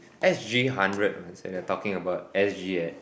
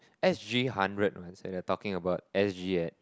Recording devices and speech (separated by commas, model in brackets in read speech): boundary microphone, close-talking microphone, conversation in the same room